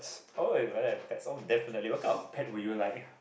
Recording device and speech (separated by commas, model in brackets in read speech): boundary microphone, conversation in the same room